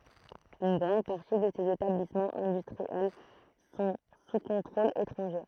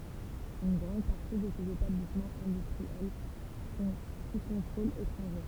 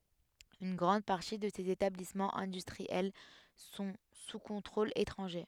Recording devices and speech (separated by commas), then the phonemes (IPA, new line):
throat microphone, temple vibration pickup, headset microphone, read sentence
yn ɡʁɑ̃d paʁti də sez etablismɑ̃z ɛ̃dystʁiɛl sɔ̃ su kɔ̃tʁol etʁɑ̃ʒe